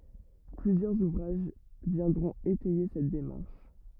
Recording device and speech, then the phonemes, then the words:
rigid in-ear microphone, read sentence
plyzjœʁz uvʁaʒ vjɛ̃dʁɔ̃t etɛje sɛt demaʁʃ
Plusieurs ouvrages viendront étayer cette démarche.

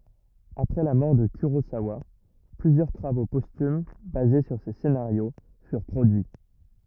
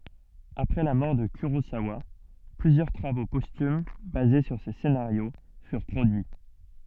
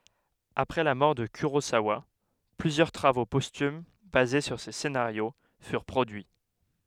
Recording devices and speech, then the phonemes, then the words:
rigid in-ear microphone, soft in-ear microphone, headset microphone, read sentence
apʁɛ la mɔʁ də kyʁozawa plyzjœʁ tʁavo pɔstym baze syʁ se senaʁjo fyʁ pʁodyi
Après la mort de Kurosawa, plusieurs travaux posthumes basés sur ses scénarios furent produits.

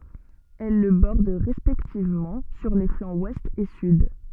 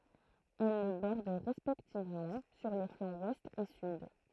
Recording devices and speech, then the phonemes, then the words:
soft in-ear microphone, throat microphone, read sentence
ɛl lə bɔʁd ʁɛspɛktivmɑ̃ syʁ le flɑ̃z wɛst e syd
Elles le bordent respectivement sur les flancs Ouest et Sud.

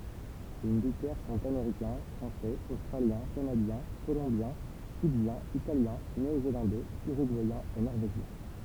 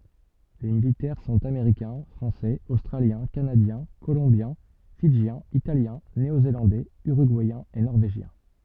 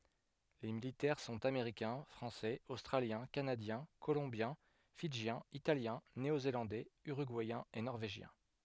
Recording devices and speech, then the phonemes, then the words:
temple vibration pickup, soft in-ear microphone, headset microphone, read sentence
le militɛʁ sɔ̃t ameʁikɛ̃ fʁɑ̃sɛz ostʁaljɛ̃ kanadjɛ̃ kolɔ̃bjɛ̃ fidʒjɛ̃z italjɛ̃ neozelɑ̃dɛz yʁyɡuɛjɛ̃z e nɔʁveʒjɛ̃
Les militaires sont américains, français, australiens, canadiens, colombiens, fidjiens, italiens, néo-zélandais, uruguayens et norvégiens.

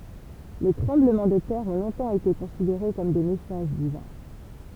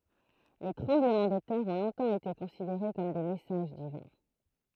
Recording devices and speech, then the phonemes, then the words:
temple vibration pickup, throat microphone, read sentence
le tʁɑ̃bləmɑ̃ də tɛʁ ɔ̃ lɔ̃tɑ̃ ete kɔ̃sideʁe kɔm de mɛsaʒ divɛ̃
Les tremblements de terre ont longtemps été considérés comme des messages divins.

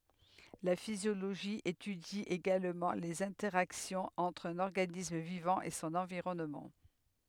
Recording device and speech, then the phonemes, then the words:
headset microphone, read sentence
la fizjoloʒi etydi eɡalmɑ̃ lez ɛ̃tɛʁaksjɔ̃z ɑ̃tʁ œ̃n ɔʁɡanism vivɑ̃ e sɔ̃n ɑ̃viʁɔnmɑ̃
La physiologie étudie également les interactions entre un organisme vivant et son environnement.

